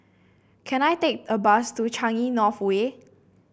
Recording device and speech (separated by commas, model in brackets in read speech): boundary microphone (BM630), read sentence